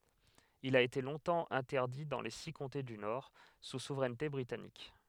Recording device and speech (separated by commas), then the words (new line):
headset microphone, read sentence
Il a été longtemps interdit dans les six comtés du Nord, sous souveraineté britannique.